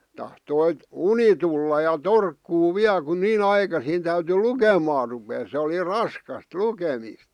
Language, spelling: Finnish, tahtoi uni tulla ja torkkua vielä kun niin aikaisin täytyi lukemaan ruveta se oli raskasta lukemista
- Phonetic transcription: tahtoit̳ , "uni tulla ja "torkkuu "viä(l) ku 'nii"n ‿aikasin täyty "lukemaa rupee se oli "raskast , "lukemìst .

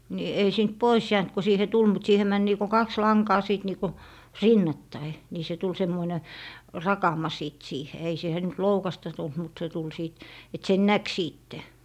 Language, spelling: Finnish, niin ei siitä pois jäänyt kun siihen tuli siihen meni niin kuin kaksi lankaa sitten niin kuin rinnattain niin se tuli semmoinen rakama sitten siihen ei siihen nyt loukasta tullut mutta se tuli sitten että sen näki sitten
- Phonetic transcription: ni , ei siint "pois 'jäänt ko siihe "tul siihe 'män niiko 'kaks 'laŋkaa 'sìt niiku , "rinnattai , nii 'se tul 'semmoine , "rakama 'sìt 'siihe ei 'siihe nyt "loukasta tult mut se tul 'sìt , et 'sen "näk 'siitte .

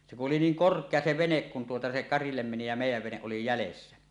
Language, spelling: Finnish, se kun oli niin korkea se vene kun tuota se karille meni ja meidän vene oli jäljessä
- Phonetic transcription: se ku’ ’oli 'niiŋ "kork̀ea 'se "venek kun tuota se "karillem meni ja "mèij̆jäv "veneˀ 'ˀoli 'jälessä .

